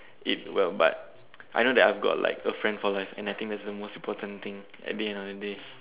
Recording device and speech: telephone, conversation in separate rooms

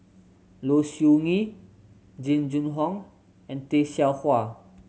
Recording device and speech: mobile phone (Samsung C7100), read sentence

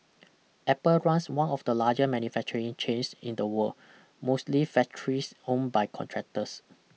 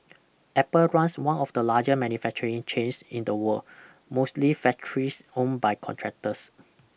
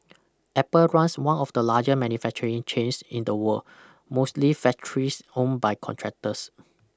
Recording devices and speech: mobile phone (iPhone 6), boundary microphone (BM630), close-talking microphone (WH20), read sentence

